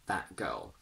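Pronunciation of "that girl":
In 'that girl', the t at the end of 'that' is said as a glottal stop.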